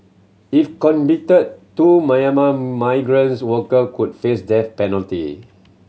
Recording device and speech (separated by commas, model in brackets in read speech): mobile phone (Samsung C7100), read sentence